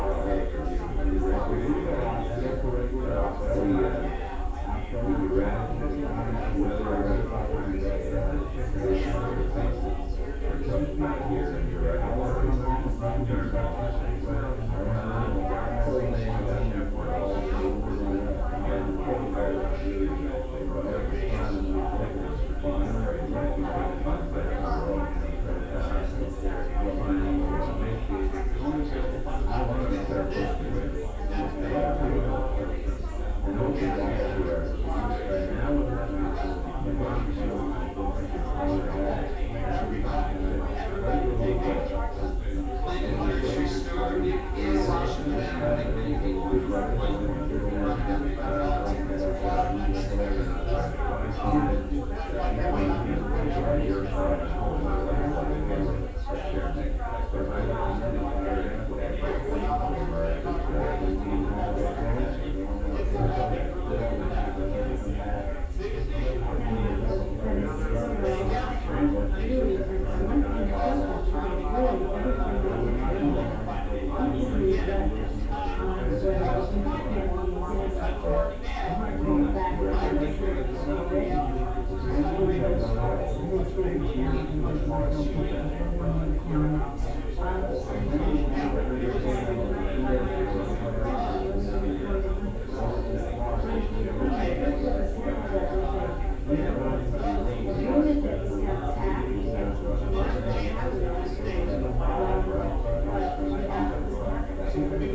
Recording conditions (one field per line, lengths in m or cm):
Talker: no one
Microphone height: 36 cm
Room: large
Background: babble